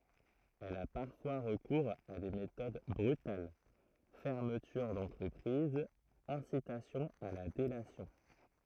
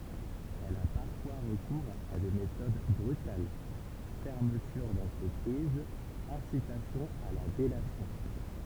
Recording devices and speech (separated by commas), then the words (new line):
throat microphone, temple vibration pickup, read sentence
Elle a parfois recours à des méthodes brutales: fermeture d'entreprise, incitation à la délation.